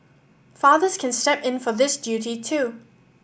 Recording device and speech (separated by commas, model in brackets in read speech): boundary microphone (BM630), read sentence